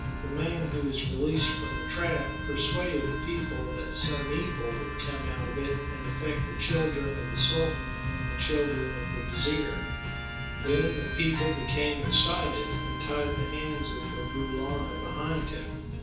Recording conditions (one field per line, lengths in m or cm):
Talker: one person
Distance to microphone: 9.8 m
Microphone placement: far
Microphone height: 1.8 m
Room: large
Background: music